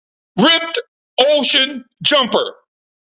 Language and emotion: English, neutral